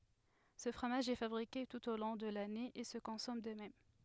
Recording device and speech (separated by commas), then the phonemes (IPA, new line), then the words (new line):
headset microphone, read sentence
sə fʁomaʒ ɛ fabʁike tut o lɔ̃ də lane e sə kɔ̃sɔm də mɛm
Ce fromage est fabriqué tout au long de l'année et se consomme de même.